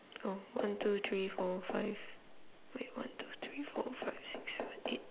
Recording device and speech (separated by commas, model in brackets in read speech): telephone, conversation in separate rooms